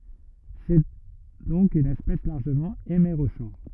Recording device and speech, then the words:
rigid in-ear microphone, read sentence
C'est donc une espèce largement hémérochore.

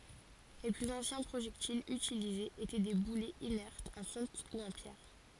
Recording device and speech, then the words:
forehead accelerometer, read sentence
Les plus anciens projectiles utilisés étaient des boulets inertes en fonte ou en pierre.

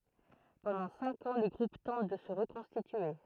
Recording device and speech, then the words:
throat microphone, read sentence
Pendant cinq ans, le groupe tente de se reconstituer.

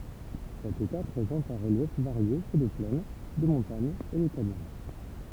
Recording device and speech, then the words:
temple vibration pickup, read sentence
Cet État présente un relief varié fait de plaines, de montagnes et de canyons.

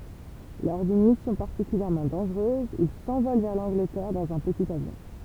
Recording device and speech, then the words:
temple vibration pickup, read sentence
Lors d'une mission particulièrement dangereuse, il s'envole vers l'Angleterre dans un petit avion.

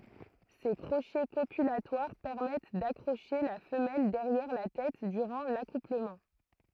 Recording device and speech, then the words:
throat microphone, read sentence
Ces crochets copulatoires permettent d'accrocher la femelle derrière la tête durant l'accouplement.

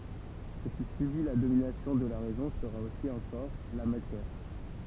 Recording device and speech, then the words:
temple vibration pickup, read sentence
Ce qui subit la domination de la raison sera aussi un corps, la matière.

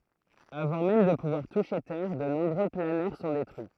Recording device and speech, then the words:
throat microphone, read sentence
Avant même de pouvoir toucher terre, de nombreux planeurs sont détruits.

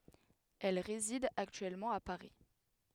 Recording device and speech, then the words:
headset microphone, read sentence
Elle réside actuellement à Paris.

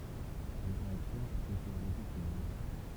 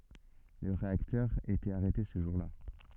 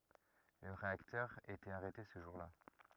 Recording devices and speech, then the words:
temple vibration pickup, soft in-ear microphone, rigid in-ear microphone, read sentence
Le réacteur était arrêté ce jour-là.

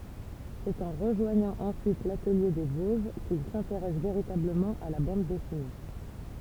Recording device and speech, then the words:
temple vibration pickup, read sentence
C'est en rejoignant ensuite l'Atelier des Vosges qu'il s'intéresse véritablement à la bande dessinée.

